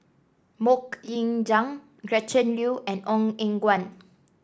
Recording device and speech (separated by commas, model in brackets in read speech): standing microphone (AKG C214), read sentence